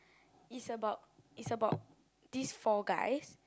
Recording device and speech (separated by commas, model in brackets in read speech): close-talking microphone, conversation in the same room